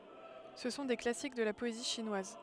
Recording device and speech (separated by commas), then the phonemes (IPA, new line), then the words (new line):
headset microphone, read sentence
sə sɔ̃ de klasik də la pɔezi ʃinwaz
Ce sont des classiques de la poésie chinoise.